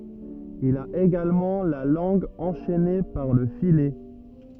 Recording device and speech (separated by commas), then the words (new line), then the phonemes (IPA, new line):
rigid in-ear microphone, read sentence
Il a également la langue enchaînée par le filet.
il a eɡalmɑ̃ la lɑ̃ɡ ɑ̃ʃɛne paʁ lə filɛ